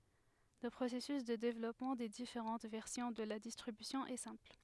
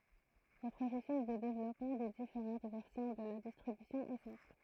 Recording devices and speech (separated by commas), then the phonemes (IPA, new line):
headset microphone, throat microphone, read sentence
lə pʁosɛsys də devlɔpmɑ̃ de difeʁɑ̃t vɛʁsjɔ̃ də la distʁibysjɔ̃ ɛ sɛ̃pl